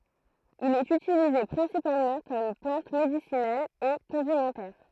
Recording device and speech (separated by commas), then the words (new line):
throat microphone, read sentence
Il est utilisé principalement comme plante médicinale et condimentaire.